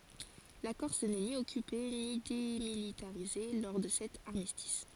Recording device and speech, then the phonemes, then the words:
forehead accelerometer, read sentence
la kɔʁs nɛ ni ɔkype ni demilitaʁize lɔʁ də sɛt aʁmistis
La Corse n'est ni occupée ni démilitarisée lors de cet armistice.

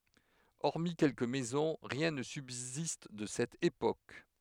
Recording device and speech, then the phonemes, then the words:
headset microphone, read sentence
ɔʁmi kɛlkə mɛzɔ̃ ʁjɛ̃ nə sybzist də sɛt epok
Hormis quelques maisons, rien ne subsiste de cette époque.

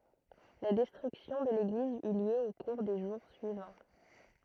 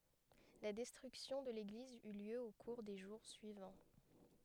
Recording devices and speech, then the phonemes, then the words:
throat microphone, headset microphone, read sentence
la dɛstʁyksjɔ̃ də leɡliz y ljø o kuʁ de ʒuʁ syivɑ̃
La destruction de l'église eut lieu au cours des jours suivants.

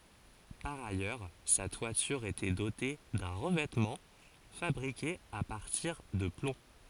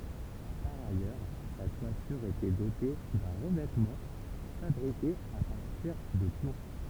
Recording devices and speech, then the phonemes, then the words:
forehead accelerometer, temple vibration pickup, read sentence
paʁ ajœʁ sa twatyʁ etɛ dote dœ̃ ʁəvɛtmɑ̃ fabʁike a paʁtiʁ də plɔ̃
Par ailleurs, sa toiture était dotée d'un revêtement fabriqué à partir de plomb.

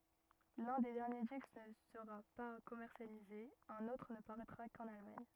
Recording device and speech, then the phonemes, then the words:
rigid in-ear microphone, read sentence
lœ̃ de dɛʁnje disk nə səʁa pa kɔmɛʁsjalize œ̃n otʁ nə paʁɛtʁa kɑ̃n almaɲ
L'un des derniers disques ne sera pas commercialisé, un autre ne paraîtra qu'en Allemagne.

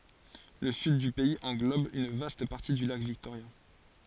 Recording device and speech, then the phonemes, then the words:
forehead accelerometer, read sentence
lə syd dy pɛiz ɑ̃ɡlɔb yn vast paʁti dy lak viktoʁja
Le Sud du pays englobe une vaste partie du lac Victoria.

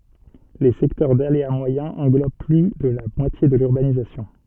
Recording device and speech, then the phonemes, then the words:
soft in-ear microphone, read sentence
le sɛktœʁ dalea mwajɛ̃ ɑ̃ɡlob ply də la mwatje də lyʁbanizasjɔ̃
Les secteurs d’aléa moyen englobent plus de la moitié de l’urbanisation.

